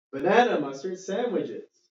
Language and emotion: English, neutral